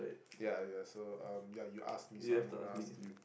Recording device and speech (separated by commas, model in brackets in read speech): boundary microphone, conversation in the same room